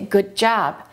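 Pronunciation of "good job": In 'good job', the d at the end of 'good' is held, not released, and not dropped completely, before the j of 'job'.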